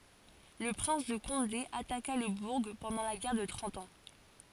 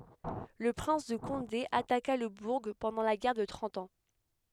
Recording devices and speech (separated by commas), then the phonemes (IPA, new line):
forehead accelerometer, headset microphone, read sentence
lə pʁɛ̃s də kɔ̃de ataka lə buʁ pɑ̃dɑ̃ la ɡɛʁ də tʁɑ̃t ɑ̃